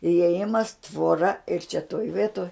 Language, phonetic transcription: Lithuanian, iėˈjimas tvoˈra ir čia toj ˈvėtoj

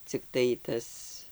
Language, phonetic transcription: Lithuanian, cikˈtai ˈtas

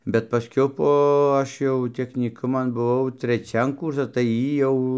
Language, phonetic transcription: Lithuanian, bet paˈskiau ˈpo ˈaš jau technyˈkuman buˈvau treˈčian ˈkūrsas tai ˈjy jau

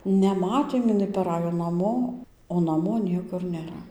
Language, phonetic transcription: Lithuanian, neˈmatėm iˈnai paˈrajo naˈmo o naˈmo ˈniekur nėˈra

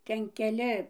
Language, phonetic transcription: Lithuanian, ˈten keˈli

